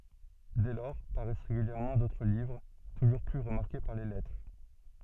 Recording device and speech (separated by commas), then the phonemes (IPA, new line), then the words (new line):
soft in-ear microphone, read sentence
dɛ lɔʁ paʁɛs ʁeɡyljɛʁmɑ̃ dotʁ livʁ tuʒuʁ ply ʁəmaʁke paʁ le lɛtʁe
Dès lors paraissent régulièrement d’autres livres, toujours plus remarqués par les lettrés.